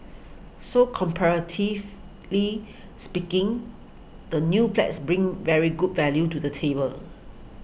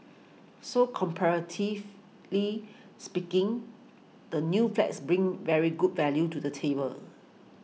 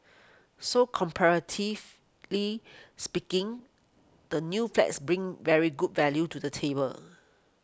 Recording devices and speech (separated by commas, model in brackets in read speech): boundary microphone (BM630), mobile phone (iPhone 6), close-talking microphone (WH20), read sentence